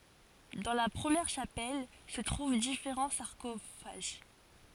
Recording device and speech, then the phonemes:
forehead accelerometer, read sentence
dɑ̃ la pʁəmjɛʁ ʃapɛl sə tʁuv difeʁɑ̃ saʁkofaʒ

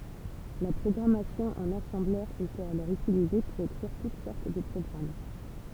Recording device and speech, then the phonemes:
temple vibration pickup, read sentence
la pʁɔɡʁamasjɔ̃ ɑ̃n asɑ̃blœʁ etɛt alɔʁ ytilize puʁ ekʁiʁ tut sɔʁt də pʁɔɡʁam

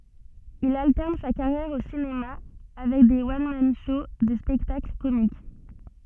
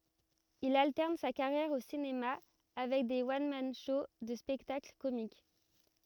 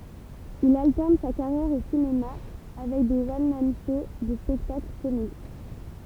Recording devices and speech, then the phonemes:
soft in-ear microphone, rigid in-ear microphone, temple vibration pickup, read sentence
il altɛʁn sa kaʁjɛʁ o sinema avɛk de wɔn man ʃow də spɛktakl komik

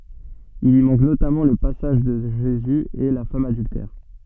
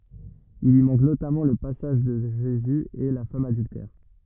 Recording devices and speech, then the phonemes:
soft in-ear microphone, rigid in-ear microphone, read sentence
il i mɑ̃k notamɑ̃ lə pasaʒ də ʒezy e la fam adyltɛʁ

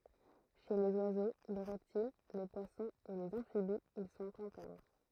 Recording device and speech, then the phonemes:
throat microphone, read sentence
ʃe lez wazo le ʁɛptil le pwasɔ̃z e lez ɑ̃fibiz il sɔ̃t ɛ̃tɛʁn

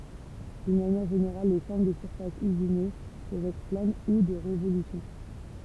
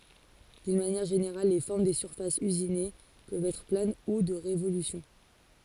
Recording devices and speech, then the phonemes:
temple vibration pickup, forehead accelerometer, read sentence
dyn manjɛʁ ʒeneʁal le fɔʁm de syʁfasz yzine pøvt ɛtʁ plan u də ʁevolysjɔ̃

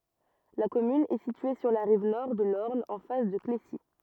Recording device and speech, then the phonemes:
rigid in-ear microphone, read sentence
la kɔmyn ɛ sitye syʁ la ʁiv nɔʁ də lɔʁn ɑ̃ fas də klesi

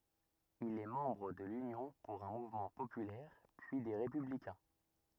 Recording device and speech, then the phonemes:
rigid in-ear microphone, read sentence
il ɛ mɑ̃bʁ də lynjɔ̃ puʁ œ̃ muvmɑ̃ popylɛʁ pyi de ʁepyblikɛ̃

